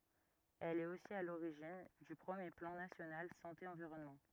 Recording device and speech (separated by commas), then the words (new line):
rigid in-ear microphone, read sentence
Elle est aussi à l'origine du premier Plan national Santé Environnement.